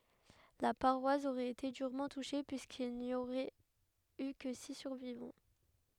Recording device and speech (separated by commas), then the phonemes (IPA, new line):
headset microphone, read sentence
la paʁwas oʁɛt ete dyʁmɑ̃ tuʃe pyiskil ni oʁɛt y kə si syʁvivɑ̃